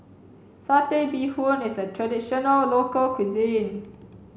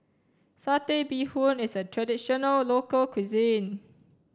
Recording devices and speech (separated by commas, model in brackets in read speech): mobile phone (Samsung C7), standing microphone (AKG C214), read sentence